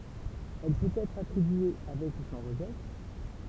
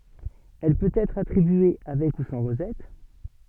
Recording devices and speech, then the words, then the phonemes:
temple vibration pickup, soft in-ear microphone, read sentence
Elle peut être attribué avec ou sans rosette.
ɛl pøt ɛtʁ atʁibye avɛk u sɑ̃ ʁozɛt

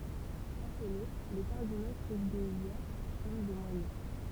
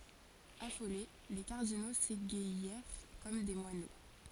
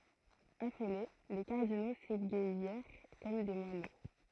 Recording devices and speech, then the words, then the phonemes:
temple vibration pickup, forehead accelerometer, throat microphone, read sentence
Affolés, les cardinaux s’égaillèrent comme des moineaux.
afole le kaʁdino seɡajɛʁ kɔm de mwano

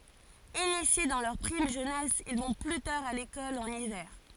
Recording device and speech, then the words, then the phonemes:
forehead accelerometer, read sentence
Initiés dans leur prime jeunesse, ils vont plus tard à l'école en hiver.
inisje dɑ̃ lœʁ pʁim ʒønɛs il vɔ̃ ply taʁ a lekɔl ɑ̃n ivɛʁ

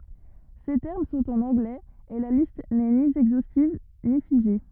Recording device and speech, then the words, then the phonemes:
rigid in-ear microphone, read sentence
Ces termes sont en anglais, et la liste n'est ni exhaustive ni figée.
se tɛʁm sɔ̃t ɑ̃n ɑ̃ɡlɛz e la list nɛ ni ɛɡzostiv ni fiʒe

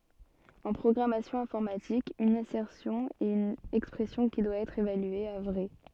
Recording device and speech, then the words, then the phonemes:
soft in-ear microphone, read sentence
En programmation informatique, une assertion est une expression qui doit être évaluée à vrai.
ɑ̃ pʁɔɡʁamasjɔ̃ ɛ̃fɔʁmatik yn asɛʁsjɔ̃ ɛt yn ɛkspʁɛsjɔ̃ ki dwa ɛtʁ evalye a vʁɛ

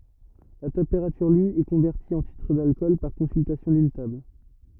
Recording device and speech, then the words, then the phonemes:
rigid in-ear microphone, read sentence
La température lue est convertie en titre d’alcool par consultation d’une table.
la tɑ̃peʁatyʁ ly ɛ kɔ̃vɛʁti ɑ̃ titʁ dalkɔl paʁ kɔ̃syltasjɔ̃ dyn tabl

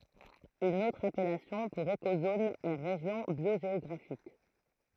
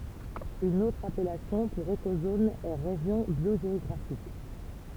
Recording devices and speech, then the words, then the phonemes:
throat microphone, temple vibration pickup, read sentence
Une autre appellation pour écozone est région biogéographique.
yn otʁ apɛlasjɔ̃ puʁ ekozon ɛ ʁeʒjɔ̃ bjoʒeɔɡʁafik

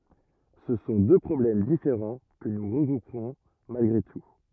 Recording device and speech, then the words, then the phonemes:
rigid in-ear microphone, read sentence
Ce sont deux problèmes différents que nous regrouperons malgré tout.
sə sɔ̃ dø pʁɔblɛm difeʁɑ̃ kə nu ʁəɡʁupʁɔ̃ malɡʁe tu

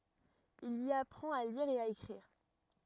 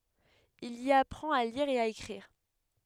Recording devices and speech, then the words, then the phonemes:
rigid in-ear microphone, headset microphone, read sentence
Il y apprend à lire et à écrire.
il i apʁɑ̃t a liʁ e a ekʁiʁ

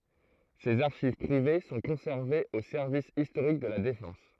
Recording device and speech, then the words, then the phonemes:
throat microphone, read sentence
Ses archives privées sont conservées au service historique de la Défense.
sez aʁʃiv pʁive sɔ̃ kɔ̃sɛʁvez o sɛʁvis istoʁik də la defɑ̃s

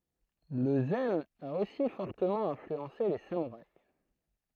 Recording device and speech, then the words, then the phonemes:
throat microphone, read sentence
Le zen a aussi fortement influencé les samouraïs.
lə zɛn a osi fɔʁtəmɑ̃ ɛ̃flyɑ̃se le samuʁais

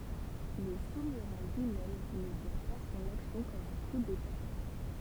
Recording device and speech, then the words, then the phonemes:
temple vibration pickup, read sentence
Le souverain lui-même ne voit pas son action comme un coup d'État.
lə suvʁɛ̃ lyimɛm nə vwa pa sɔ̃n aksjɔ̃ kɔm œ̃ ku deta

